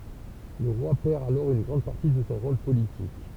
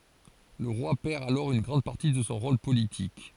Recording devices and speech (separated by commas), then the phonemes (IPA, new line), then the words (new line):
temple vibration pickup, forehead accelerometer, read sentence
lə ʁwa pɛʁ alɔʁ yn ɡʁɑ̃d paʁti də sɔ̃ ʁol politik
Le roi perd alors une grande partie de son rôle politique.